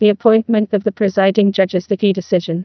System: TTS, neural waveform model